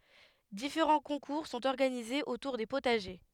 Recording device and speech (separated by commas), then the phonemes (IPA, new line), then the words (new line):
headset microphone, read sentence
difeʁɑ̃ kɔ̃kuʁ sɔ̃t ɔʁɡanizez otuʁ de potaʒe
Différents concours sont organisés autour des potagers.